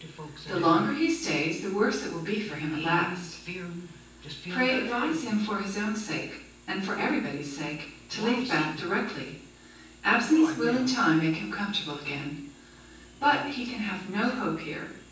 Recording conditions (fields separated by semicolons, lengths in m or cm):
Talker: one person; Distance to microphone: 9.8 m; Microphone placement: far; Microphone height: 1.8 m; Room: large; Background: television